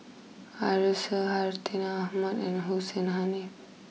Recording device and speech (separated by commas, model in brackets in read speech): mobile phone (iPhone 6), read sentence